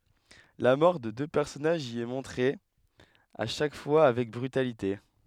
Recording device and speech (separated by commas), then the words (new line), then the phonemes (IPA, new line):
headset microphone, read sentence
La mort de deux personnages y est montrée, à chaque fois, avec brutalité.
la mɔʁ də dø pɛʁsɔnaʒz i ɛ mɔ̃tʁe a ʃak fwa avɛk bʁytalite